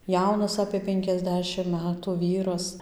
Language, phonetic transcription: Lithuanian, ˈjaunas apė ˌpenkiasˈdešim ˈmetu ˈvyras

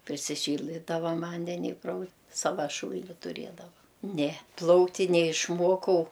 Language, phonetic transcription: Lithuanian, prisiˈšyldai ˈta ˈva ˈvandeni i prau ˈsava ˈšūl'ni tuˈrėdava ne ˈplaukt' ti neišˈmuokau

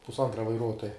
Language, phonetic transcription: Lithuanian, pusˈantra vaiˈruotoja

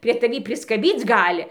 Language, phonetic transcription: Lithuanian, prie taˈvį priskaˈbyc ˈgali

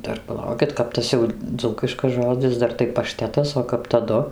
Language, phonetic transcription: Lithuanian, ˈdar paˈlaukit ˈkap tas jau ˈdzūkiškas ˈžodzis ˈdar tai paˈštetas o ˈkap taˈdu

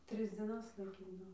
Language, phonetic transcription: Lithuanian, ˈtris dzieˈnas laiˈkydavo

